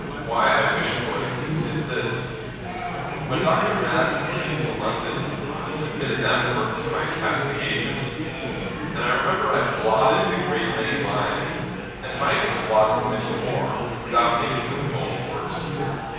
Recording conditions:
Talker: one person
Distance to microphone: 7.1 m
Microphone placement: far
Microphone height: 1.7 m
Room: very reverberant, large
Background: babble

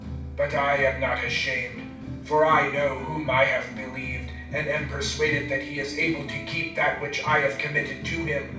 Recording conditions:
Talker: one person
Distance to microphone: 5.8 m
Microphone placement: far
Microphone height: 1.8 m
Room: medium-sized (5.7 m by 4.0 m)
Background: music

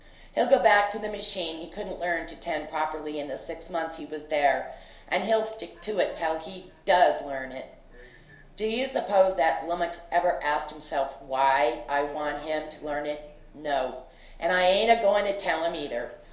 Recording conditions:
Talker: one person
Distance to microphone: 1.0 m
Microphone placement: close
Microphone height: 1.1 m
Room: small (3.7 m by 2.7 m)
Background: television

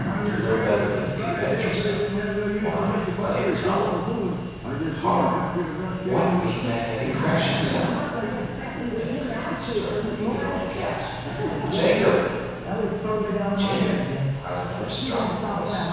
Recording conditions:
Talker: one person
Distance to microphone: 7.1 m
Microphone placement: far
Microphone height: 1.7 m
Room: very reverberant, large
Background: television

